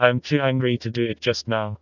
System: TTS, vocoder